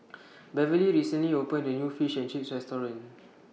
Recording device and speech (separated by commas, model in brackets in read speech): mobile phone (iPhone 6), read sentence